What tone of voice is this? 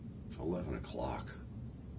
neutral